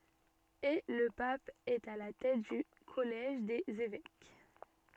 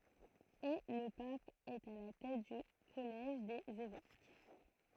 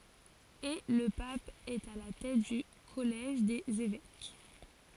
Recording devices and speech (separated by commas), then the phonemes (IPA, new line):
soft in-ear microphone, throat microphone, forehead accelerometer, read sentence
e lə pap ɛt a la tɛt dy kɔlɛʒ dez evɛk